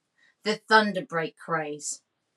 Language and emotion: English, angry